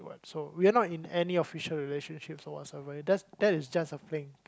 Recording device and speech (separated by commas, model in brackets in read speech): close-talking microphone, conversation in the same room